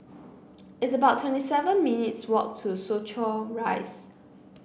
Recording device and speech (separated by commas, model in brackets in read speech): boundary microphone (BM630), read sentence